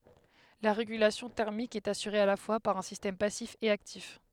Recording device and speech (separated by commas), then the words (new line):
headset microphone, read sentence
La régulation thermique est assurée à la fois par un système passif et actif.